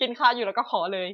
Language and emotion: Thai, happy